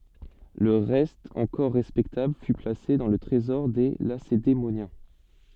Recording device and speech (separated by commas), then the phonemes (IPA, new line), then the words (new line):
soft in-ear microphone, read sentence
lə ʁɛst ɑ̃kɔʁ ʁɛspɛktabl fy plase dɑ̃ lə tʁezɔʁ de lasedemonjɛ̃
Le reste encore respectable fut placé dans le Trésor des Lacédémoniens.